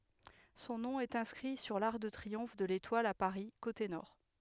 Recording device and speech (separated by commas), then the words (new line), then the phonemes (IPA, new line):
headset microphone, read sentence
Son nom est inscrit sur l'arc de triomphe de l'Étoile à Paris, côté Nord.
sɔ̃ nɔ̃ ɛt ɛ̃skʁi syʁ laʁk də tʁiɔ̃f də letwal a paʁi kote nɔʁ